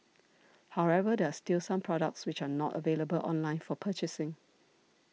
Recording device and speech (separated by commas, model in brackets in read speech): mobile phone (iPhone 6), read sentence